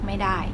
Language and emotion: Thai, frustrated